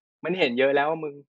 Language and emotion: Thai, frustrated